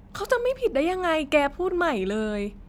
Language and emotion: Thai, frustrated